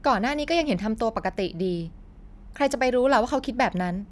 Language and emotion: Thai, frustrated